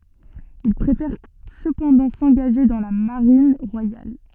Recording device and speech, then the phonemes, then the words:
soft in-ear microphone, read sentence
il pʁefɛʁ səpɑ̃dɑ̃ sɑ̃ɡaʒe dɑ̃ la maʁin ʁwajal
Il préfère cependant s'engager dans la Marine royale.

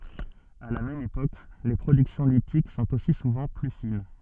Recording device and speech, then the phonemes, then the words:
soft in-ear microphone, read sentence
a la mɛm epok le pʁodyksjɔ̃ litik sɔ̃t osi suvɑ̃ ply fin
À la même époque, les productions lithiques sont aussi souvent plus fines.

